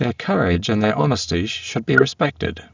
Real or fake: fake